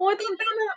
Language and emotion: Thai, happy